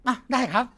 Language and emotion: Thai, happy